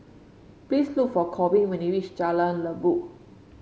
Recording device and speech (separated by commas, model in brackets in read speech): mobile phone (Samsung C5), read sentence